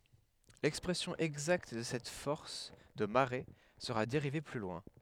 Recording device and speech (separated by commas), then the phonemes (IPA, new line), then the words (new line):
headset microphone, read sentence
lɛkspʁɛsjɔ̃ ɛɡzakt də sɛt fɔʁs də maʁe səʁa deʁive ply lwɛ̃
L'expression exacte de cette force de marée sera dérivée plus loin.